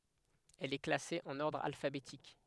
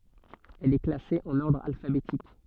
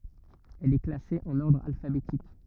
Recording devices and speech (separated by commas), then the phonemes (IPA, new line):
headset microphone, soft in-ear microphone, rigid in-ear microphone, read sentence
ɛl ɛ klase ɑ̃n ɔʁdʁ alfabetik